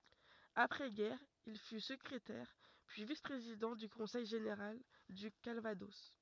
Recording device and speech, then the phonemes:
rigid in-ear microphone, read sentence
apʁɛ ɡɛʁ il fy səkʁetɛʁ pyi vis pʁezidɑ̃ dy kɔ̃sɛj ʒeneʁal dy kalvadɔs

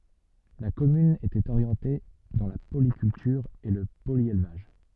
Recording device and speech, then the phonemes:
soft in-ear microphone, read sentence
la kɔmyn etɛt oʁjɑ̃te dɑ̃ la polikyltyʁ e lə poljelvaʒ

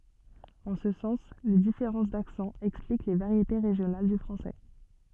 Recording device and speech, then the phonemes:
soft in-ear microphone, read sentence
ɑ̃ sə sɑ̃s le difeʁɑ̃s daksɑ̃z ɛksplik le vaʁjete ʁeʒjonal dy fʁɑ̃sɛ

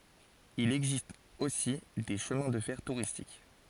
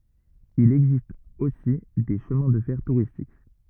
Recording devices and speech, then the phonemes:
forehead accelerometer, rigid in-ear microphone, read sentence
il ɛɡzist osi de ʃəmɛ̃ də fɛʁ tuʁistik

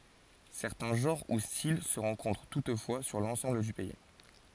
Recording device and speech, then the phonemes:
forehead accelerometer, read sentence
sɛʁtɛ̃ ʒɑ̃ʁ u stil sə ʁɑ̃kɔ̃tʁ tutfwa syʁ lɑ̃sɑ̃bl dy pɛi

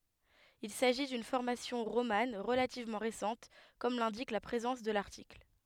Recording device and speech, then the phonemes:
headset microphone, read sentence
il saʒi dyn fɔʁmasjɔ̃ ʁoman ʁəlativmɑ̃ ʁesɑ̃t kɔm lɛ̃dik la pʁezɑ̃s də laʁtikl

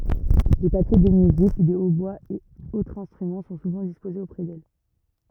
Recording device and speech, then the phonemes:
rigid in-ear microphone, read sentence
de papje də myzik de otbwaz e otʁz ɛ̃stʁymɑ̃ sɔ̃ suvɑ̃ dispozez opʁɛ dɛl

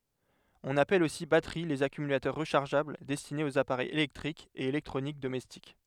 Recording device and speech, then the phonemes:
headset microphone, read sentence
ɔ̃n apɛl osi batəʁi lez akymylatœʁ ʁəʃaʁʒabl dɛstinez oz apaʁɛjz elɛktʁikz e elɛktʁonik domɛstik

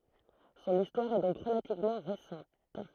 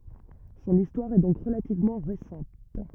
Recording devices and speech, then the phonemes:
throat microphone, rigid in-ear microphone, read sentence
sɔ̃n istwaʁ ɛ dɔ̃k ʁəlativmɑ̃ ʁesɑ̃t

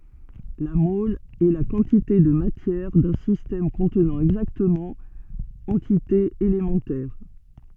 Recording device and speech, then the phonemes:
soft in-ear microphone, read sentence
la mɔl ɛ la kɑ̃tite də matjɛʁ dœ̃ sistɛm kɔ̃tnɑ̃ ɛɡzaktəmɑ̃ ɑ̃titez elemɑ̃tɛʁ

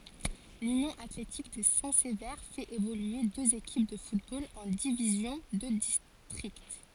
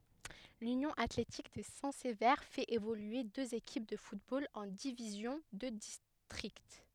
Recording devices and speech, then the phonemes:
forehead accelerometer, headset microphone, read sentence
lynjɔ̃ atletik də sɛ̃ səve fɛt evolye døz ekip də futbol ɑ̃ divizjɔ̃ də distʁikt

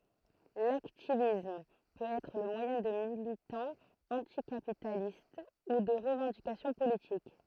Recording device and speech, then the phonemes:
throat microphone, read sentence
laktivism pøt ɛtʁ lə mwajɛ̃ də militɑ̃z ɑ̃tikapitalist u də ʁəvɑ̃dikasjɔ̃ politik

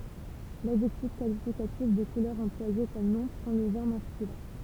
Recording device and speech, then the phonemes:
temple vibration pickup, read sentence
ladʒɛktif kalifikatif də kulœʁ ɑ̃plwaje kɔm nɔ̃ pʁɑ̃ lə ʒɑ̃ʁ maskylɛ̃

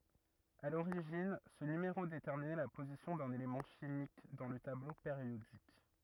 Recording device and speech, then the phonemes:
rigid in-ear microphone, read sentence
a loʁiʒin sə nymeʁo detɛʁminɛ la pozisjɔ̃ dœ̃n elemɑ̃ ʃimik dɑ̃ lə tablo peʁjodik

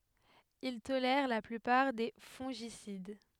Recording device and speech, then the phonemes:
headset microphone, read sentence
il tolɛʁ la plypaʁ de fɔ̃ʒisid

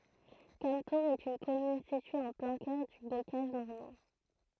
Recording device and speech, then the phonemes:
throat microphone, read sentence
kamtuʁz ɛt yn kɔmyn sitye ɑ̃ plɛ̃ kœʁ dy bokaʒ nɔʁmɑ̃

